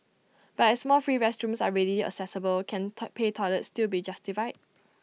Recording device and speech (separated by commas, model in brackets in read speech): mobile phone (iPhone 6), read sentence